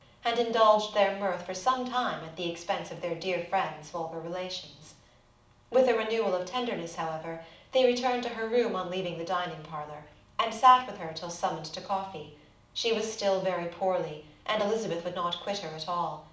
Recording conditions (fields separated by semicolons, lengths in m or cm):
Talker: one person; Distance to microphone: 2.0 m; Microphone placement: close; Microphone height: 99 cm; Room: medium-sized (5.7 m by 4.0 m); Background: none